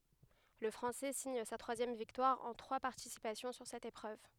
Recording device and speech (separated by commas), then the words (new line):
headset microphone, read sentence
Le Français signe sa troisième victoire en trois participations sur cette épreuve.